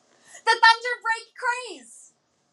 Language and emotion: English, happy